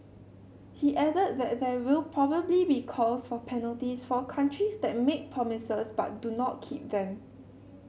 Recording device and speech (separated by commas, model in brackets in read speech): mobile phone (Samsung C7100), read sentence